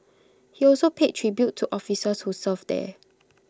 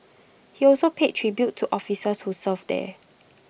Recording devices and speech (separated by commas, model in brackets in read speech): close-talking microphone (WH20), boundary microphone (BM630), read sentence